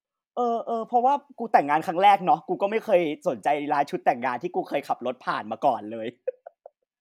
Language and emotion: Thai, happy